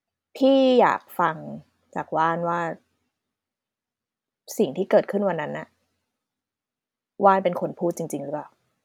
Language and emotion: Thai, frustrated